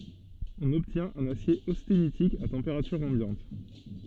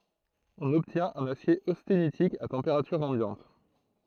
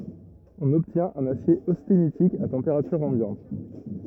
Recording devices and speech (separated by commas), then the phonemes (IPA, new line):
soft in-ear microphone, throat microphone, rigid in-ear microphone, read sentence
ɔ̃n ɔbtjɛ̃t œ̃n asje ostenitik a tɑ̃peʁatyʁ ɑ̃bjɑ̃t